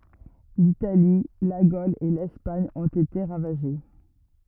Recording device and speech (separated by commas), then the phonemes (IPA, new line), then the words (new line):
rigid in-ear microphone, read sentence
litali la ɡol e lɛspaɲ ɔ̃t ete ʁavaʒe
L'Italie, la Gaule et l'Espagne ont été ravagées.